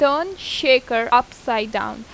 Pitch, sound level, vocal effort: 250 Hz, 88 dB SPL, loud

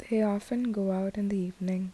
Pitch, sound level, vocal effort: 195 Hz, 74 dB SPL, soft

